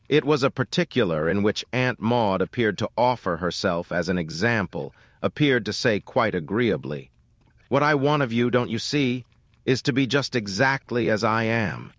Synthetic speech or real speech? synthetic